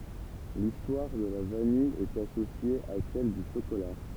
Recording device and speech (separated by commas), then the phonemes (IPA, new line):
temple vibration pickup, read sentence
listwaʁ də la vanij ɛt asosje a sɛl dy ʃokola